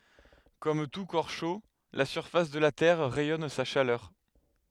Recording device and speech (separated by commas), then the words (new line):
headset microphone, read sentence
Comme tout corps chaud, la surface de la Terre rayonne sa chaleur.